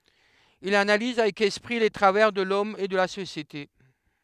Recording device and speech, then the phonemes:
headset microphone, read sentence
il analiz avɛk ɛspʁi le tʁavɛʁ də lɔm e də la sosjete

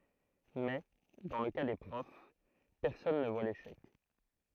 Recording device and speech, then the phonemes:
throat microphone, read sentence
mɛ dɑ̃ lə ka de pʁɔf pɛʁsɔn nə vwa leʃɛk

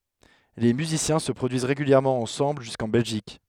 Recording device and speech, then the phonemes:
headset microphone, read sentence
le myzisjɛ̃ sə pʁodyiz ʁeɡyljɛʁmɑ̃ ɑ̃sɑ̃bl ʒyskɑ̃ bɛlʒik

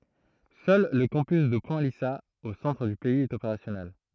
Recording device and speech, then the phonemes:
throat microphone, read sentence
sœl lə kɑ̃pys də pwɛ̃ lizaz o sɑ̃tʁ dy pɛiz ɛt opeʁasjɔnɛl

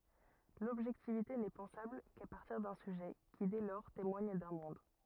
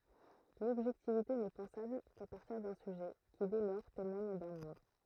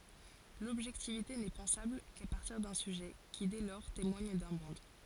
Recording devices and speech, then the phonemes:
rigid in-ear microphone, throat microphone, forehead accelerometer, read sentence
lɔbʒɛktivite nɛ pɑ̃sabl ka paʁtiʁ dœ̃ syʒɛ ki dɛ lɔʁ temwaɲ dœ̃ mɔ̃d

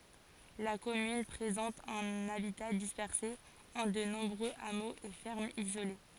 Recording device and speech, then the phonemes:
forehead accelerometer, read sentence
la kɔmyn pʁezɑ̃t œ̃n abita dispɛʁse ɑ̃ də nɔ̃bʁøz amoz e fɛʁmz izole

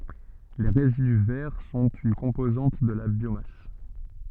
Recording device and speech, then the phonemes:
soft in-ear microphone, read sentence
le ʁezidy vɛʁ sɔ̃t yn kɔ̃pozɑ̃t də la bjomas

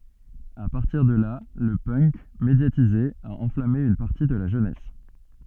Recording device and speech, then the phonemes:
soft in-ear microphone, read sentence
a paʁtiʁ də la lə pœnk medjatize a ɑ̃flame yn paʁti də la ʒønɛs

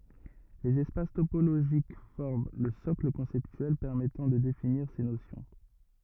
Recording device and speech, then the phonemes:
rigid in-ear microphone, read sentence
lez ɛspas topoloʒik fɔʁm lə sɔkl kɔ̃sɛptyɛl pɛʁmɛtɑ̃ də definiʁ se nosjɔ̃

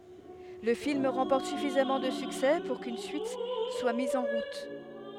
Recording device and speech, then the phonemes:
headset microphone, read sentence
lə film ʁɑ̃pɔʁt syfizamɑ̃ də syksɛ puʁ kyn syit swa miz ɑ̃ ʁut

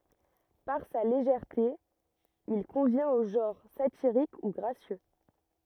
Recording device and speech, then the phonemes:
rigid in-ear microphone, read sentence
paʁ sa leʒɛʁte il kɔ̃vjɛ̃t o ʒɑ̃ʁ satiʁik u ɡʁasjø

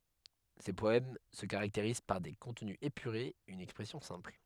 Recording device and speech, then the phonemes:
headset microphone, read sentence
se pɔɛm sə kaʁakteʁiz paʁ de kɔ̃tny epyʁez yn ɛkspʁɛsjɔ̃ sɛ̃pl

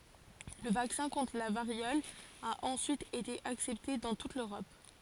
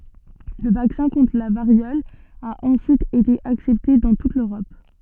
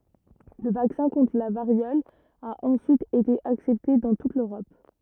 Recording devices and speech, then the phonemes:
forehead accelerometer, soft in-ear microphone, rigid in-ear microphone, read sentence
lə vaksɛ̃ kɔ̃tʁ la vaʁjɔl a ɑ̃syit ete aksɛpte dɑ̃ tut løʁɔp

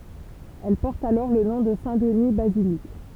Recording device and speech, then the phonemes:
temple vibration pickup, read sentence
ɛl pɔʁt alɔʁ lə nɔ̃ də sɛ̃tdni bazilik

